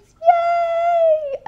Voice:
high pitched